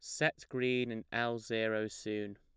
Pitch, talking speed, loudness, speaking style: 115 Hz, 165 wpm, -36 LUFS, plain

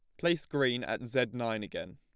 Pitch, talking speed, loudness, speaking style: 125 Hz, 205 wpm, -33 LUFS, plain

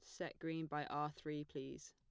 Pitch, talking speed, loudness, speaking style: 150 Hz, 210 wpm, -46 LUFS, plain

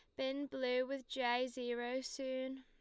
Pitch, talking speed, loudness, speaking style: 260 Hz, 150 wpm, -40 LUFS, Lombard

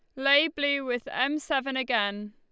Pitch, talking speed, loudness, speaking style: 270 Hz, 170 wpm, -26 LUFS, Lombard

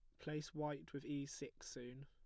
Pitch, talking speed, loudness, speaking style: 145 Hz, 195 wpm, -48 LUFS, plain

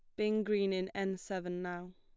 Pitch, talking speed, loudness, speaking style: 190 Hz, 205 wpm, -36 LUFS, plain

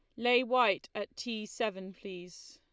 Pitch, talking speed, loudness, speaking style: 225 Hz, 155 wpm, -32 LUFS, Lombard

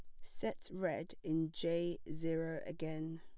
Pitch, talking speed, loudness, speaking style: 160 Hz, 120 wpm, -41 LUFS, plain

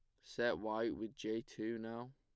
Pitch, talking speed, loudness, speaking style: 110 Hz, 190 wpm, -42 LUFS, plain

